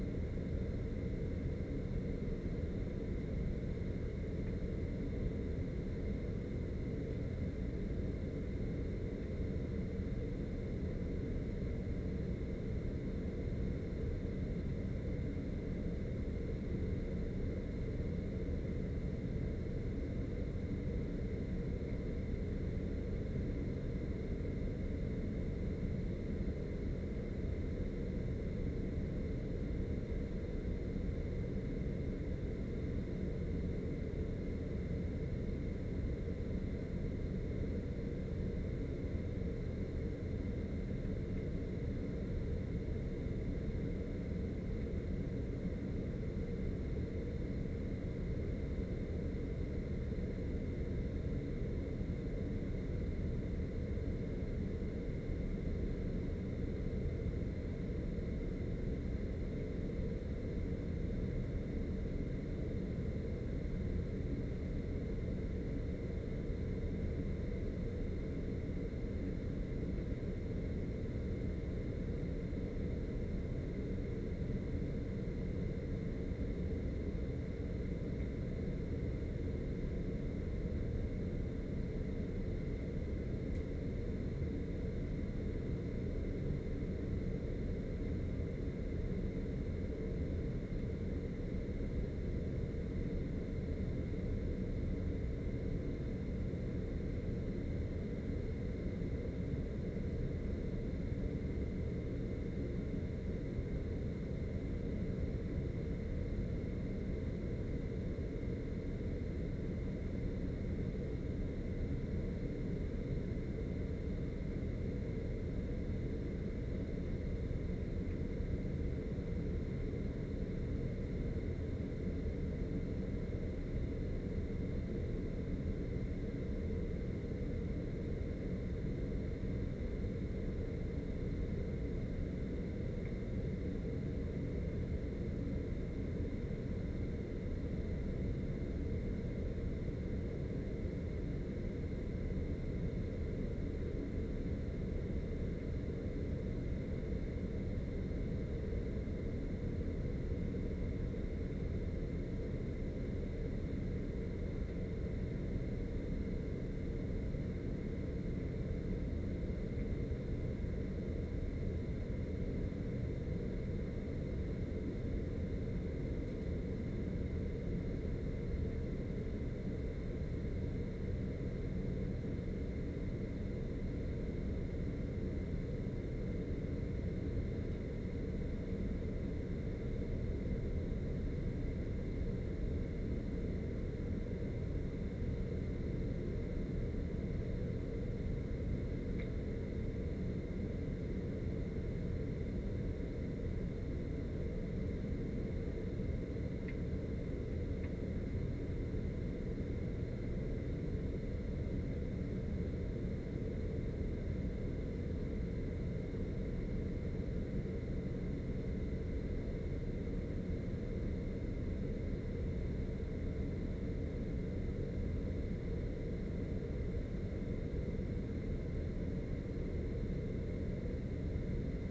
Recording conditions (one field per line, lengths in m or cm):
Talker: no one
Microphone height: 25 cm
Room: medium-sized (5.7 m by 4.0 m)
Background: none